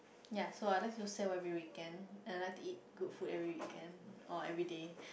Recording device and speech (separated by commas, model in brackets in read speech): boundary microphone, conversation in the same room